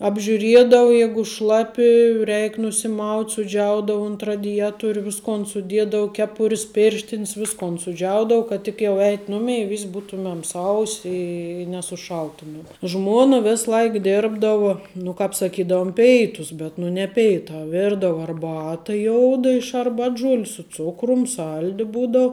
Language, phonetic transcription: Lithuanian, apžiuˈriedau ˈjegu ˈšlapi ˈreik nusiˈmaut' suˈdžiaudau unt radiˈjetoriu ˈviskon suˈdiedau ˈkepur's ˈpirštin's ˈviskon suˈdžiaudau kad tik ˈjau ˈeit' ˈnumei ˈvis' ˈbūtumem ˈsaus' i nesuˈšaltumem ˈžmona ˈvės ˈlaik ˈdirbdavo nu ˈkāp saˈkydaum ˈpeitus ˈbet nu ne ˈpeitā ˈvirdavo arˈbata ˈjouda iš arˈbatˌžuoliu su ˈcukrum ˈsaldi ˈbūdau

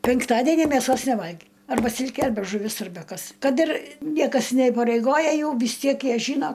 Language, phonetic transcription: Lithuanian, penkˈtadenį meˈsos neˈvalgi ˈarba ˈsilkė ˈarbe žuˈvis ˈarbe ˈkas ˈkad ir ˈniekas neįpareiˈgoja ˈjau vis ˈtiek ˈjie ˈžyno

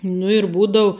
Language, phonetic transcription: Lithuanian, nu ir ˈbūdau

